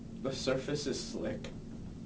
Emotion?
neutral